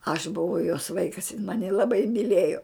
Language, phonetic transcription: Lithuanian, aš buˈvau jos ˈvaikas jin ˈmani laˈbai myˈlėjo

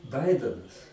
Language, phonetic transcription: Lithuanian, ˈbaidenas

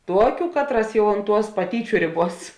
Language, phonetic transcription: Lithuanian, ˈtuokiu ˈkatˌras ˈjau unt ˈtuos paˈtyčiu ˈrėˌbuos

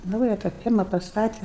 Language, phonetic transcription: Lithuanian, ˈnauja tą ˈfierma pasˈtate

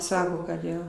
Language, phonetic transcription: Lithuanian, ˈsako kad ˈjo

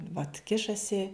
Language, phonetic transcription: Lithuanian, vat ˈkišasi

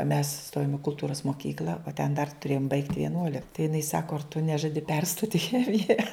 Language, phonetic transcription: Lithuanian, mes ˈstojom i kulˈtūras moˈkykl'a o ten dar tuˈrėjom baigt vieˈnuolik tai jiˈnai ˈsako ar tu ˈnežadi ˈperstot' i ˈchemija

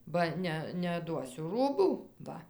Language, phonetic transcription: Lithuanian, ba ˈne neatˈduosiu ˈrūbų ˈva

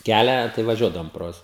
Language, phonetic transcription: Lithuanian, ˈkælią tai vaˈžiuodavom pro ˈjuos

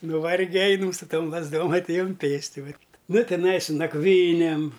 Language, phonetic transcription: Lithuanian, nuˈvarge ˈainam su ˈtom lazˈdom atˈėjum ˈpėsti ˈvat ˈnu tiˈnai su nakˈvynėm

